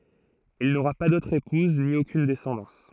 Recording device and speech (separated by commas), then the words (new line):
throat microphone, read sentence
Il n'aura pas d'autre épouse, ni aucune descendance.